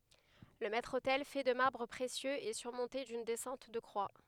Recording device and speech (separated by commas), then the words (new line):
headset microphone, read sentence
Le maître-autel, fait de marbres précieux, est surmonté d’une descente de croix.